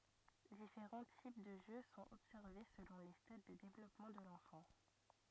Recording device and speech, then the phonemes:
rigid in-ear microphone, read sentence
difeʁɑ̃ tip də ʒø sɔ̃t ɔbsɛʁve səlɔ̃ le stad də devlɔpmɑ̃ də lɑ̃fɑ̃

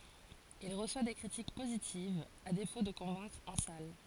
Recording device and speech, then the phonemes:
forehead accelerometer, read sentence
il ʁəswa de kʁitik pozitivz a defo də kɔ̃vɛ̃kʁ ɑ̃ sal

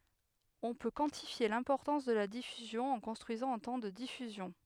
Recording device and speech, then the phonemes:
headset microphone, read sentence
ɔ̃ pø kwɑ̃tifje lɛ̃pɔʁtɑ̃s də la difyzjɔ̃ ɑ̃ kɔ̃stʁyizɑ̃ œ̃ tɑ̃ də difyzjɔ̃

